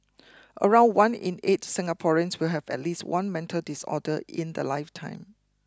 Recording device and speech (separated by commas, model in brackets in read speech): close-talking microphone (WH20), read sentence